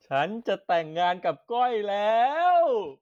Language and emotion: Thai, happy